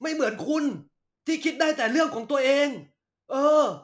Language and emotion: Thai, angry